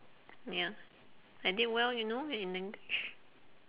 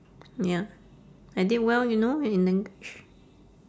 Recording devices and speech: telephone, standing microphone, conversation in separate rooms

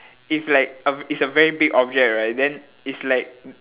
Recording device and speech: telephone, conversation in separate rooms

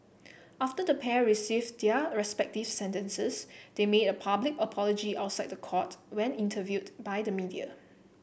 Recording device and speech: boundary microphone (BM630), read sentence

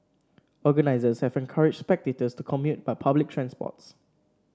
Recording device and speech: standing microphone (AKG C214), read sentence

